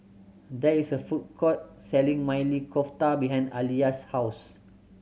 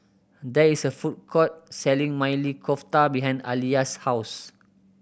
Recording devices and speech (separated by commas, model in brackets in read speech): mobile phone (Samsung C7100), boundary microphone (BM630), read sentence